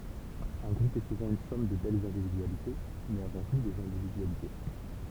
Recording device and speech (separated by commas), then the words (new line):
temple vibration pickup, read sentence
Un groupe est souvent une somme de belles individualités mais, avant tout, des individualités.